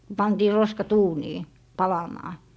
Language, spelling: Finnish, pantiin roskat uuniin palamaan
- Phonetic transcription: 'pantii 'roskat "uunii , "palamaa .

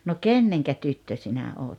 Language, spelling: Finnish, no kenen tyttö sinä olet
- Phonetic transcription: no "kenneŋkä 'tyttö 'sinä 'oot ? «

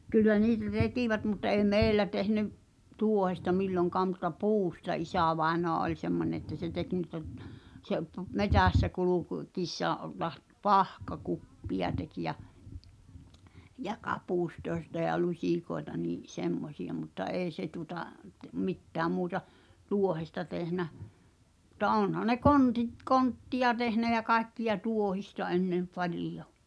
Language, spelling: Finnish, - kyllä niitä tekivät mutta ei meillä tehneet tuohesta milloinkaan mutta puusta isävainaja oli semmoinen että se teki niitä - se - metsässä - kulkiessaan - - pahkakuppeja teki ja ja kapustoita ja lusikoita niin semmoisia mutta ei se tuota - mitään muuta tuohesta tehnyt mutta onhan ne kontit kontteja tehnyt ja kaikkia tuohesta ennen paljon
- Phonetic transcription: ky- , kyllä 'niitä 'tekìvät mut ei̬ "meeⁱllä tehn(ev̆) , "tù̳ohesta 'milloŋkaam mut̆ta "puusta 'isä̀vaenoa oĺ semmońe että se 'tek nìta̳ (t-) , se’ pᵘp- , 'metä̀ssä 'kuluk- , -kiissaa ’o- laht- , "pahka'kuppi₍a tekⁱ ja , jᴀ 'kapùstoes̳ta ja 'luśìkoeta nii’ , 'semmosiʲa mutta "’eeⁱ 'se tu[o]ta , t- , 'mittääm muuta , "tuohesta tehnä , [mut]t̀a "ònhan ne "kontit , 'kontti₍a tehnä jä 'kaekkiʲa "tuohista ennem 'palijo .

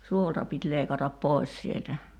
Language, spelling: Finnish, suolta piti leikata pois sieltä
- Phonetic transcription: "suolta pit 'leikatap "pòis sieltä .

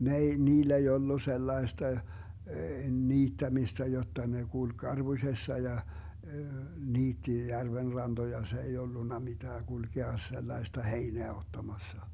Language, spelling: Finnish, ne ei niillä ei ollut sellaista niittämistä jotta ne kulki karpusessa ja niitti järven rantoja se ei ollut mitään kulkea sellaista heinää ottamassa
- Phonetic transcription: 'n ‿ei , 'niill ‿ei ollu 'sellaesta , 'niittämistä jotta ne 'kulk "karBuśessa ja , 'niitti 'järven 'ranDoja , 'se ei 'ollunna 'mitää 'GulGea 'sellai̮sta "heineä 'ottamassa .

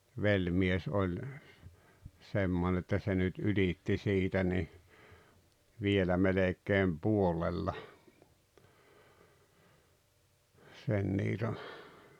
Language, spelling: Finnish, velimies oli semmoinen että se nyt ylitti siitä niin vielä melkein puolella sen niiton
- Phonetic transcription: 'veĺmies "oĺ 'semmone että se nyt "yĺitti 'siitä ni , 'vielä melek̆keem "puolella , sen 'niito .

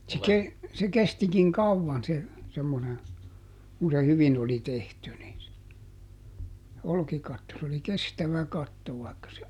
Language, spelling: Finnish, se - se kestikin kauan se semmoinen kun se hyvin oli tehty niin olkikatto se oli kestävä katto vaikka se
- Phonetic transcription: se ˈke- , se ˈkestikiŋ "kauvvan se , semmone , kun se ˈhyvin oli "tehty ni , ˈolkikatto s ‿oli "kestävä "katto vài̮kka se ,.

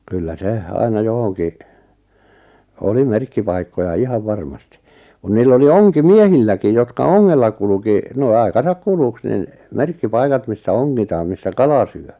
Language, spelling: Finnish, kyllä se aina johonkin oli merkkipaikkoja ihan varmasti kun niillä oli onkimiehilläkin jotka ongella kulki noin aikansa kuluksi niin merkkipaikat missä ongitaan missä kala syö
- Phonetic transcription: 'kyllä 'se , 'aina 'johoŋki , "oli "merkkipaikkoja "ihav 'varmasti , 'kun 'niill ‿oli "oŋki"miehilläkij 'jotka "oŋŋella 'kuluki , noi̬ 'ai̬kasak "kuluks nin , 'merkki-'paikat missä "oŋŋitaam 'missä "kala 'syö .

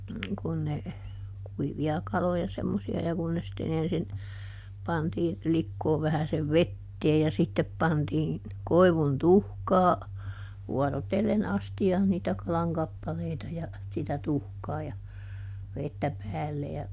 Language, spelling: Finnish, kun ne kuivia kaloja semmoisia ja kun ne sitten ensin pantiin likoon vähäisen veteen ja sitten pantiin koivun tuhkaa vuorotellen astiaan niitä kalan kappaleita ja sitä tuhkaa ja vettä päälle ja
- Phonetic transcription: kun ne , ˈkuivi₍a ˈkaloja semmosi₍a ja kun ne sitteˈn ‿ensin , ˈpantiin , ˈlikkoov vähäsev "vetteej ja sittep pantii , ˈkoi̮vun "tuhkaa , ˈvuɔro"tellen ˈasti₍aan niitä ˈkalaŋ ˈkappaleita ja , sitä ˈtuhkaa ja , ˈvettä "päälle ja ,.

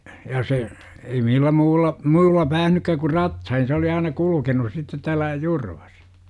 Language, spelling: Finnish, ja se ei millään muulla muulla päässytkään kuin ratsain se oli aina kulkenut sitten täällä Jurvassa
- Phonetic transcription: ja 'se , ei millä muulla , 'muulla päähnykkä ku "ratsain se oli aina 'kulukenus sittet tääl̆lä , 'JurVAs .

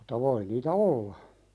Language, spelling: Finnish, mutta voi niitä olla
- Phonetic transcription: muta 'voi niitä "olla .

